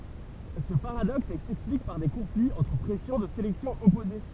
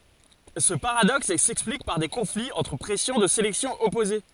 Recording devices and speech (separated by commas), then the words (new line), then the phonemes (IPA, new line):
temple vibration pickup, forehead accelerometer, read sentence
Ce paradoxe s'explique par des conflits entre pressions de sélection opposées.
sə paʁadɔks sɛksplik paʁ de kɔ̃fliz ɑ̃tʁ pʁɛsjɔ̃ də selɛksjɔ̃ ɔpoze